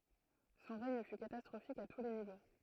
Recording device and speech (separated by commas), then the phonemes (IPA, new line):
throat microphone, read sentence
sɔ̃ ʁɛɲ fy katastʁofik a tu le nivo